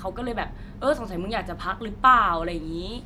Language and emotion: Thai, neutral